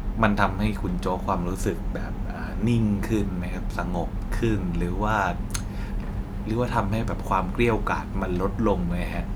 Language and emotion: Thai, neutral